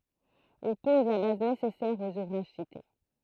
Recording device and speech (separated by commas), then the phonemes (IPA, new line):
throat microphone, read sentence
il pɔz la baz nesɛsɛʁ oz uvʁaʒ site